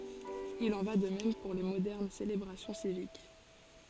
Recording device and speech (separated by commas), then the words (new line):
forehead accelerometer, read sentence
Il en va de même pour les modernes célébrations civiques.